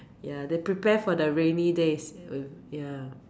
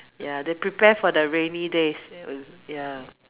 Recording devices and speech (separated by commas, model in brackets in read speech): standing microphone, telephone, conversation in separate rooms